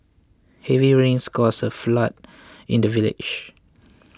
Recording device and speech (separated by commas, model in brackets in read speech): close-talking microphone (WH20), read sentence